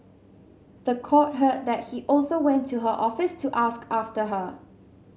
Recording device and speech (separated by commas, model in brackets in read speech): mobile phone (Samsung C7100), read sentence